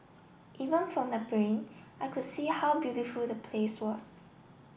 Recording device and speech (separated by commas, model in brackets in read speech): boundary microphone (BM630), read sentence